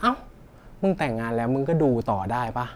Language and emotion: Thai, frustrated